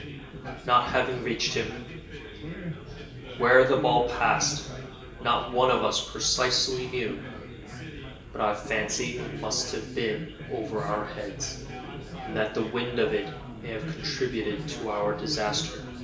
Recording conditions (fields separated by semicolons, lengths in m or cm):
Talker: one person; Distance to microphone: 1.8 m; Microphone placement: close; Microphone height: 1.0 m; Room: large; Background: babble